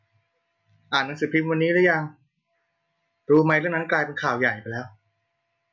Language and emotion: Thai, frustrated